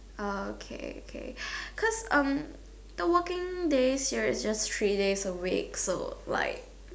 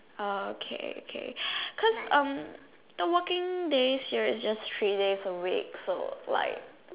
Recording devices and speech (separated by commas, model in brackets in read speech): standing microphone, telephone, conversation in separate rooms